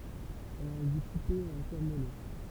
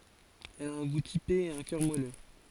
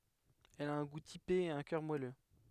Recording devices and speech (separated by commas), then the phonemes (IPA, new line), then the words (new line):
temple vibration pickup, forehead accelerometer, headset microphone, read sentence
ɛl a œ̃ ɡu tipe e œ̃ kœʁ mwalø
Elle a un goût typé et un cœur moelleux.